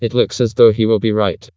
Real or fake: fake